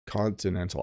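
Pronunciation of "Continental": In 'continental', the t's are fully pronounced as t sounds and are not turned into d sounds.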